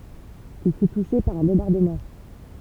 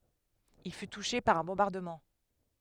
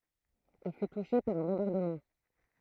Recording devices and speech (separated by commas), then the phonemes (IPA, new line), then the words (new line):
temple vibration pickup, headset microphone, throat microphone, read sentence
il fy tuʃe paʁ œ̃ bɔ̃baʁdəmɑ̃
Il fut touché par un bombardement.